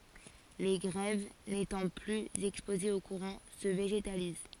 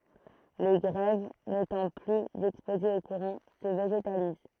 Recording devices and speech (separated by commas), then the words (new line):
forehead accelerometer, throat microphone, read sentence
Les grèves, n'étant plus exposées au courant, se végétalisent.